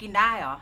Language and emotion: Thai, frustrated